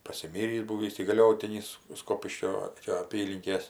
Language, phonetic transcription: Lithuanian, pasiˈmyrįs ˈbūvįs įgaˈliotinis ˈskopiškio ˈčia aˈpylinkės

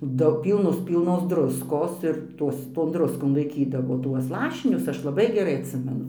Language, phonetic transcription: Lithuanian, ˈdau ˈpylnus ˈpylnos ˈdruskos ir ˈtuos ton ˈdruskon laiˈkydavo ˈtuos ˈlašinius ˈaš laˈbai geˈrai atˈsimenu

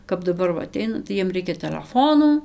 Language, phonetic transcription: Lithuanian, kap daˈbar ˈva aˈteina tai ˈjiem ˈreikia teleˈfonų

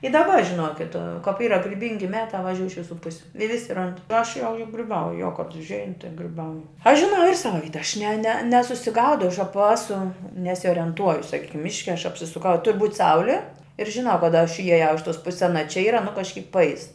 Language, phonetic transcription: Lithuanian, i daˈba žiˈnokit kap ˈyra griˈbingi ˈmetā vaˈžiūj iš viˈsų ˈpusiu i ˈvisi ˈrand ir ˈaš jau griˈbauju jo kad užˈein tai griˈbauju aš žiˈnau ir ˈsava ˈvyta aš ne ne nesusiˈgaudau aš ˈapa ˈasu nesiorenˈtuoju saˈkykim ˈmiške aš apsisuˈkau i tur' būt' ˈsauli ir žiˈnau kaˈda aš ijaˈjau iš tos ˈpusis aˈna čia ˈyra nu kažˈkyk paˈeis

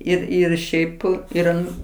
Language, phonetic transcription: Lithuanian, ˈir ir ˈšiaip ir ˈan

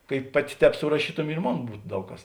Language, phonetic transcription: Lithuanian, kai ˈpaˌti ˈtēp suraˈšytumi ir ˈmon ˈbūt ˈdaug kas

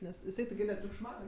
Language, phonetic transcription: Lithuanian, ˈnes jiˈsai tigi netriukšˈmauj

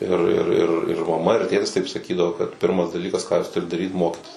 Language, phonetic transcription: Lithuanian, ir ir ir ir maˈma ir ˈtėtis taip saˈkydavo kad ˈpirmas daˈlykas ˈką ˈaš tuˈriu daˈryt ˈmokitis

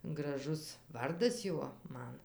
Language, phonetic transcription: Lithuanian, graˈžus ˈvardas ˈjuo ˈman

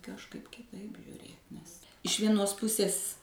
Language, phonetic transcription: Lithuanian, kažˈkaip kiˈtaip žiuˈrėt nes iš ˈvienos ˈpusės

